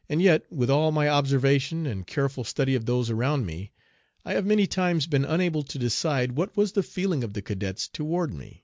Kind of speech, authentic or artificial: authentic